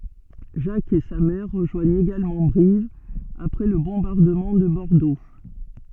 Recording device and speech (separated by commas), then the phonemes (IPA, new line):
soft in-ear microphone, read sentence
ʒak e sa mɛʁ ʁəʒwaɲt eɡalmɑ̃ bʁiv apʁɛ lə bɔ̃baʁdəmɑ̃ də bɔʁdo